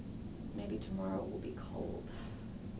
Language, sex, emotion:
English
female
neutral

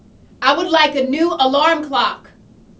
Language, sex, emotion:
English
female
angry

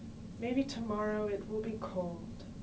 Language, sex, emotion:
English
female
sad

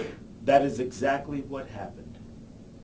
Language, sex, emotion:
English
male
neutral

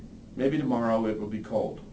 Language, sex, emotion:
English
male
neutral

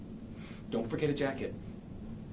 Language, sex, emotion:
English
male
neutral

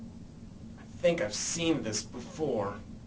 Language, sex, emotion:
English
male
disgusted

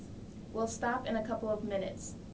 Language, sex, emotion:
English
female
neutral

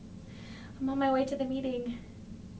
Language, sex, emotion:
English
female
fearful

